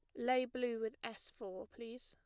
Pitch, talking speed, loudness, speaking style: 240 Hz, 195 wpm, -42 LUFS, plain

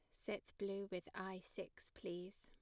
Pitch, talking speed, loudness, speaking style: 190 Hz, 165 wpm, -49 LUFS, plain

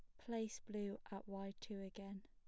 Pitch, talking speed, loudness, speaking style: 200 Hz, 175 wpm, -49 LUFS, plain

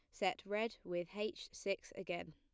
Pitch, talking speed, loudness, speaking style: 200 Hz, 170 wpm, -42 LUFS, plain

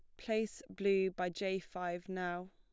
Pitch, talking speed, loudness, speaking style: 190 Hz, 155 wpm, -38 LUFS, plain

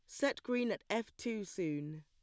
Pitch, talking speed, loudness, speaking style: 215 Hz, 200 wpm, -38 LUFS, plain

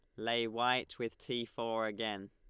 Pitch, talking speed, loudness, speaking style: 115 Hz, 170 wpm, -36 LUFS, Lombard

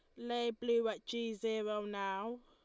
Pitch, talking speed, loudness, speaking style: 230 Hz, 160 wpm, -38 LUFS, Lombard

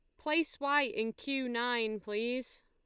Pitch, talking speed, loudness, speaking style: 245 Hz, 145 wpm, -33 LUFS, Lombard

